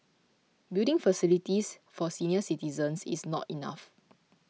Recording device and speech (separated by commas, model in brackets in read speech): mobile phone (iPhone 6), read sentence